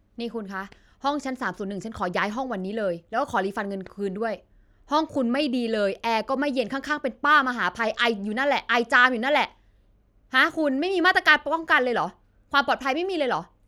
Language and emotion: Thai, frustrated